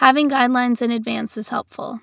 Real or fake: real